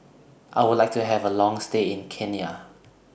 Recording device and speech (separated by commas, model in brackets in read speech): boundary microphone (BM630), read sentence